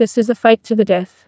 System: TTS, neural waveform model